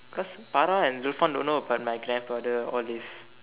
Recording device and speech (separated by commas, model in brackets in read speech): telephone, conversation in separate rooms